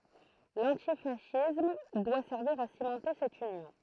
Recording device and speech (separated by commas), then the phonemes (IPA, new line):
throat microphone, read sentence
lɑ̃tifasism dwa sɛʁviʁ a simɑ̃te sɛt ynjɔ̃